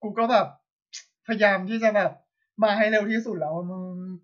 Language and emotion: Thai, sad